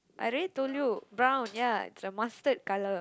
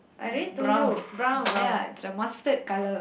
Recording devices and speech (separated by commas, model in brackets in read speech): close-talking microphone, boundary microphone, conversation in the same room